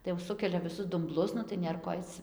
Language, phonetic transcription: Lithuanian, tai jau ˈsukelia viˈsus dumˈblus nu tai ˈnėr ko ˈaic

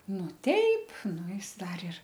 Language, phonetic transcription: Lithuanian, ˈnu ˈteip ˈnu ˈis ˈdar ir

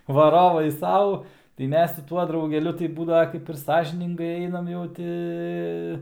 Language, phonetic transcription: Lithuanian, vaˈrovai ˈsau tai ˈmes su ˈtuo draugeˈliu tai ˈbūdava kaip ir ˈsąžiningai ˈeinam jau ˈti

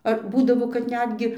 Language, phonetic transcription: Lithuanian, ar ˈbūdavo kad ˈnetgi

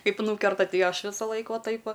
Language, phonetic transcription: Lithuanian, ˈkaip ˈnūkerta ˈtai ˈaš ˈvisalaik ˈva ˈtaip ˈva

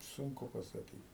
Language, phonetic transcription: Lithuanian, ˈsunku pasaˈkyt

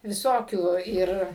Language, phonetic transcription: Lithuanian, viˈsokių ˈir

